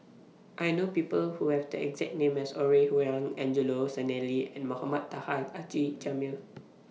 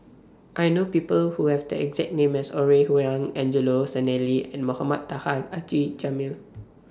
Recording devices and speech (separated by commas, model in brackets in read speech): mobile phone (iPhone 6), standing microphone (AKG C214), read sentence